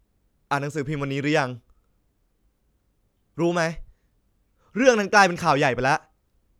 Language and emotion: Thai, angry